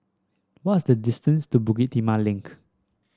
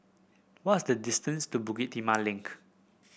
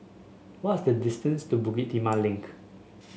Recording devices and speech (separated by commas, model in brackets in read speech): standing microphone (AKG C214), boundary microphone (BM630), mobile phone (Samsung S8), read sentence